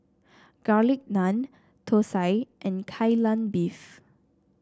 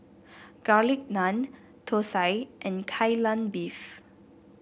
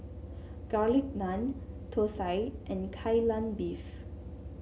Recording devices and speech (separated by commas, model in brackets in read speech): standing microphone (AKG C214), boundary microphone (BM630), mobile phone (Samsung C7), read sentence